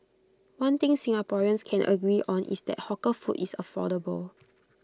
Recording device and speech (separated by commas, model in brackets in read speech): close-talking microphone (WH20), read sentence